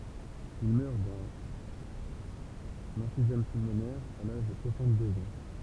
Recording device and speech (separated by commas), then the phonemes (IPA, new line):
temple vibration pickup, read sentence
il mœʁ dœ̃n ɑ̃fizɛm pylmonɛʁ a laʒ də swasɑ̃tdøz ɑ̃